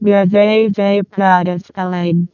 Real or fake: fake